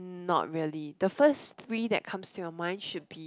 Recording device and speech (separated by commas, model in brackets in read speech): close-talking microphone, conversation in the same room